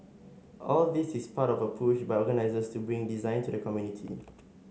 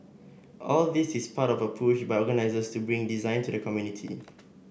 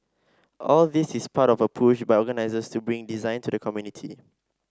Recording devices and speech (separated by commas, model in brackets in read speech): mobile phone (Samsung S8), boundary microphone (BM630), standing microphone (AKG C214), read sentence